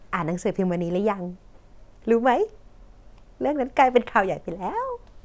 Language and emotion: Thai, happy